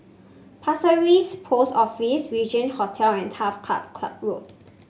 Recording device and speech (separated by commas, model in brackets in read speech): mobile phone (Samsung C5), read sentence